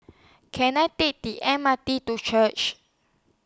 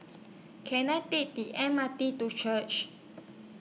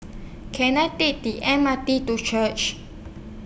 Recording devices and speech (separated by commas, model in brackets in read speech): standing microphone (AKG C214), mobile phone (iPhone 6), boundary microphone (BM630), read sentence